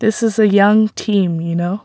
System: none